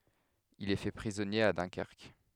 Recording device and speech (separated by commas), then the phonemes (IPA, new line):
headset microphone, read sentence
il ɛ fɛ pʁizɔnje a dœ̃kɛʁk